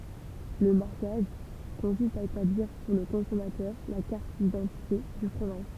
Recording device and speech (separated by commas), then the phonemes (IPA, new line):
temple vibration pickup, read sentence
lə maʁkaʒ kɔ̃sist a etabliʁ puʁ lə kɔ̃sɔmatœʁ la kaʁt didɑ̃tite dy fʁomaʒ